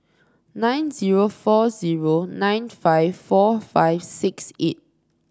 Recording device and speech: standing microphone (AKG C214), read sentence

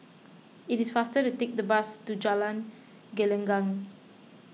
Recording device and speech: mobile phone (iPhone 6), read sentence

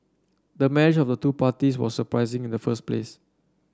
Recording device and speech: standing microphone (AKG C214), read sentence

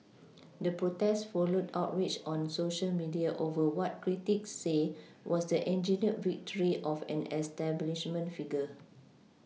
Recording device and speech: mobile phone (iPhone 6), read sentence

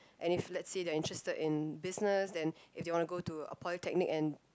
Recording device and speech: close-talking microphone, conversation in the same room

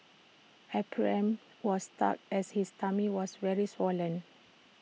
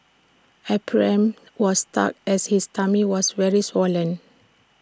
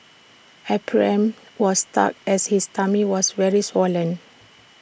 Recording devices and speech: mobile phone (iPhone 6), standing microphone (AKG C214), boundary microphone (BM630), read sentence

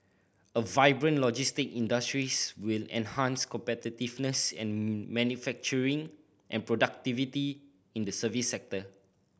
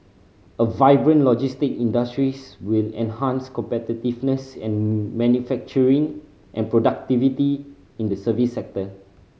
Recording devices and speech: boundary microphone (BM630), mobile phone (Samsung C5010), read sentence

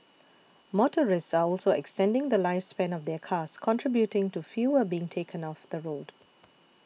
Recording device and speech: mobile phone (iPhone 6), read sentence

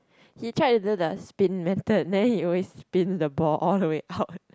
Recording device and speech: close-talking microphone, conversation in the same room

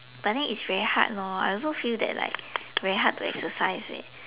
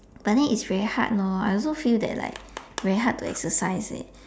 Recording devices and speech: telephone, standing microphone, conversation in separate rooms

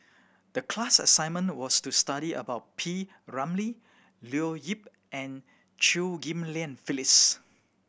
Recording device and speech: boundary microphone (BM630), read sentence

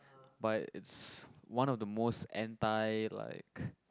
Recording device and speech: close-talking microphone, conversation in the same room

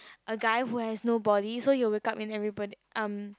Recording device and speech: close-talking microphone, conversation in the same room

